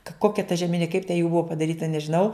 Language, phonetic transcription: Lithuanian, ka ˈkokia ta žeˈmini kaip te jų ˈbua padaˈryta nežiˈnau

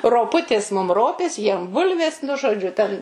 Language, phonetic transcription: Lithuanian, roˈputės mum ˈropės jiem ˈbulvės nu žoˈdžiu ten

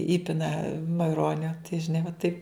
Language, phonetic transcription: Lithuanian, ˈįpina maiˈronio tai žiˈnai va taip

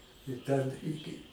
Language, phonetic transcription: Lithuanian, i ˈten ˈiki

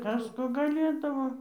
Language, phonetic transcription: Lithuanian, ˈkas ˈko gaˈlėdavo

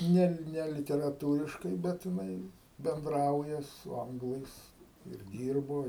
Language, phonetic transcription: Lithuanian, ˈne ˈne literaˈtūriškai ˈbet jiˈnai benˈdrauja su ˈanglais ir ˈdyrbo

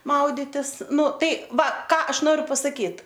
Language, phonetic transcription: Lithuanian, ˈmauditis ˈnu ˈtai ˈva ˈką ˈaš ˈnoriu pasaˈkyt

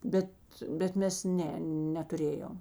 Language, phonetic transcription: Lithuanian, ˈbet bet ˈmes ˈne netuˈrėjom

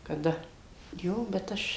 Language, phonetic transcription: Lithuanian, kaˈda ˈjo bet ˈaš

